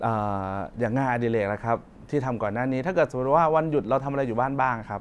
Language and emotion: Thai, neutral